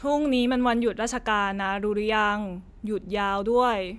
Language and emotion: Thai, frustrated